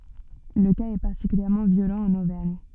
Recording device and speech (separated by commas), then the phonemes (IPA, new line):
soft in-ear microphone, read sentence
lə kaz ɛ paʁtikyljɛʁmɑ̃ vjolɑ̃ ɑ̃n ovɛʁɲ